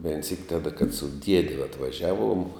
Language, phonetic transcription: Lithuanian, vein syk ˈtada kad su ˈdiedi atvaˈžiaˌvuom

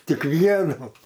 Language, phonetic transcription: Lithuanian, ˈtik ˈvienų

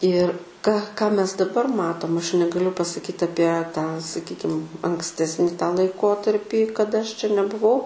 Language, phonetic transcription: Lithuanian, ir ka ką mes daˈbar ˈmatom aš negaˈliu pasaˈkyt aˈpie tą saˈkykim anksˈtesni tą laiˈkotarpį kaˈda aš čia nebuˈvau

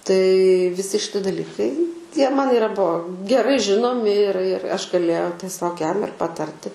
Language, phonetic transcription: Lithuanian, tai viˈsi šiˈti daˈlikai ˈtie ˈman iˈra ˈbuo geˈrai ˈžinomi ir ir ˈaš gaˈlėjau teˈsiog ˈjam ir paˈtarti

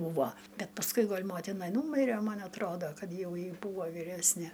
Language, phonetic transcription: Lithuanian, ˈbūvo ˈbet pasˈkui ˈgol' ˈmotina ˈnūmire ˈman atˈrodo ˈkad ˈjau ˈji ˈbūvo vyˈresne

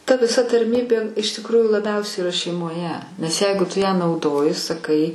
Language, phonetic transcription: Lithuanian, ta viˈsa tarˈmybė iš tikˈrųjų laˈbiausiai iˈra šeimoˈje nes ˈjeigu ˈtu ją nauˈdoji saˈkai

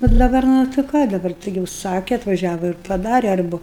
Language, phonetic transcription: Lithuanian, nu daˈbar ˈnu tai ˈką daˈbar ˈtaigi užˈsake atvaˈžiava ir paˈdare ˈarbu

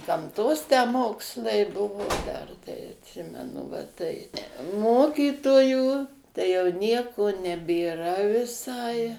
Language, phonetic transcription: Lithuanian, gamˈtos tę ˈmokslai ˈbuvo ˈdar tai atˈsimenu va ˈtai ˈmokytojų tai jau ˈnieko nebėˈra viˈsai

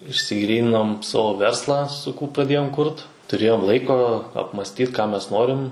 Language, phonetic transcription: Lithuanian, išsiˈgryninom ˈsavo ˈverslą suˈkū pradˈėjom ˈkurt tuˈrėjom ˈlaiko apmasˈtyt ką ˈmes ˈnorim

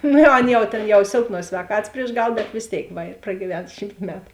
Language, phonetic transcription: Lithuanian, ˈnu jau ˈan jau ˈtėn jau ˈsėlˌpnuos svēˈkatas prieš ˈgal bet vės ˈtėik ˈva ir pragyˈven ˈšymt ˈmetu

